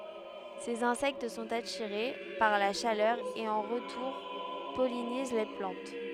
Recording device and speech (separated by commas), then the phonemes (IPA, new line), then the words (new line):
headset microphone, read sentence
sez ɛ̃sɛkt sɔ̃t atiʁe paʁ la ʃalœʁ e ɑ̃ ʁətuʁ pɔliniz la plɑ̃t
Ces insectes sont attirés par la chaleur et en retour pollinisent la plante.